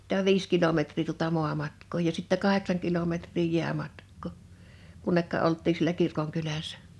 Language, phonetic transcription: Finnish, [mi]tä 'viis kilometr̀ii tuta 'muamatk̆koo ja sittä 'kaheksaŋ kilometr̀ii 'jiämatkkò , 'kunnekka '’olttii sielä 'kirkoŋkyläs̆sᴀ̈ .
- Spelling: mitä viisi kilometriä tuota maamatkaa ja sitten kahdeksan kilometriä jäämatkaa kunne oltiin siellä kirkonkylässä

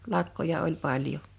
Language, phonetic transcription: Finnish, 'lakkoja oĺ 'paljo .
- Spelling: lakkoja oli paljon

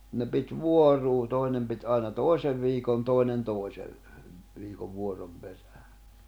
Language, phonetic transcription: Finnish, ne pit "vuoruu 'tòinem pit ’àina "tòi̬sev viikon 'tòi̬nen 'tòi̬sev , viikov vuorom peᴀ̈ᴀ̈ .
- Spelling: ne piti vuoroin toinen piti aina toisen viikon toinen toisen viikon vuoron perään

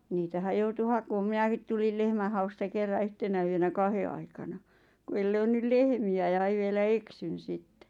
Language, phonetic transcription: Finnish, niitähäʲ 'joutu 'hakoom "minäkit tulil 'lehmähausta 'kerra "yhtenä yönä "kahe aikana , ku el 'löynnyl "lehmi₍ä ja ʿᵃⁱʾ vielä "eksyn 'sitte .
- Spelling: niitähän joutui hakemaan minäkin tulin lehmänhausta kerran yhtenä yönä kahden aikana kun ei löytynyt lehmiä ja ai vielä eksyin sitten

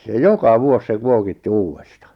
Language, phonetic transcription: Finnish, se "joka "vuos se "kuokitti "uuwesta .
- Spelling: se joka vuosi se kuokitti uudesta

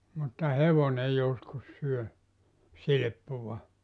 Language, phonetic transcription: Finnish, mutta "hevone 'joskus 'syö , "silⁱppuva .
- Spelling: mutta hevonen joskus syö silppua

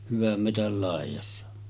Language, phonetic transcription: Finnish, 'hyväm 'metäl làejassa .
- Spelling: hyvän metsän laidassa

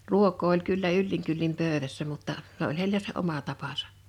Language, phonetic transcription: Finnish, ruok̀oo oĺ kyllä 'ylliŋ kyllim 'pö̀ö̭vässä mutta , se oĺ heil̆lä se 'oma 'tapasᴀ .
- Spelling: ruokaa oli kyllä yllin kyllin pöydässä mutta se oli heillä se oma tapansa

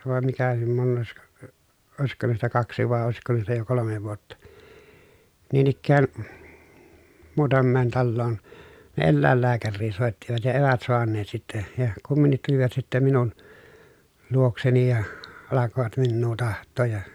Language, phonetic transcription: Finnish, vàem mikä (ni) monneesko , o- òesikko hänestä kaksi vàe òesikko hänestä jo kolome vuotta , niin ‿ikkään , muutammeen talloon , ne ellä̀ellääkärrii sòettivat ja èvät soanneet sitte , ja kumminnit tulivat sittem minun , luokseni ja , alakovat minnuu taht̆tooj ja .
- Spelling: vai mikä niin monesko - olisiko hänestä kaksi vai olisiko hänestä jo kolme vuotta niin ikään muutamaan taloon ne eläinlääkäriä soittivat ja eivät saaneet sitten ja kumminkin tulivat sitten minun luokseni ja alkoivat minua tahtoa ja

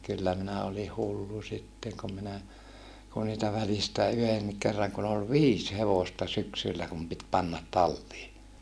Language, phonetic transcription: Finnish, kyllä minä oli hullu sitteŋ kum minä , ku niitä välistä̀ yhennik kerraŋ kun ‿ol viis hevosta syksyllä kum pit pannat tallii .
- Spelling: kyllä minä olin hullu sitten kun minä kun niitä välistä yhdenkin kerran kun oli viisi hevosta syksyllä kun piti panna talliin

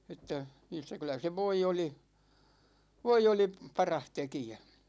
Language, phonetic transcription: Finnish, että , (niistä) 'kylä se "voi 'oli , "voi 'oli "parah 'tekijä .
- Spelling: että niistä kyllä se voi oli voi oli paras tekijä

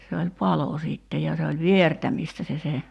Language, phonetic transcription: Finnish, se oĺ "palo 'sìtte ja se oĺ "viertämìstä se se ,.
- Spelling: se oli palo sitten ja se oli viertämistä se se

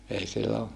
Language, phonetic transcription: Finnish, ei sillo , .
- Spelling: ei silloin

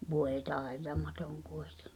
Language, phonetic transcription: Finnish, 'vòe "tàetamatoŋ 'kᴜɪtᴇɴɪ .
- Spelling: voi taitamaton kuitenkin

